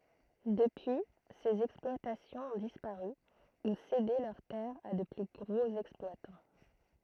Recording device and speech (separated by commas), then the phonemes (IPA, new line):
throat microphone, read sentence
dəpyi sez ɛksplwatasjɔ̃z ɔ̃ dispaʁy u sede lœʁ tɛʁz a də ply ɡʁoz ɛksplwatɑ̃